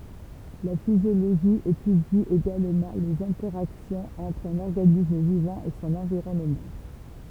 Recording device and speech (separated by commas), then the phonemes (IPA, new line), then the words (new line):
temple vibration pickup, read sentence
la fizjoloʒi etydi eɡalmɑ̃ lez ɛ̃tɛʁaksjɔ̃z ɑ̃tʁ œ̃n ɔʁɡanism vivɑ̃ e sɔ̃n ɑ̃viʁɔnmɑ̃
La physiologie étudie également les interactions entre un organisme vivant et son environnement.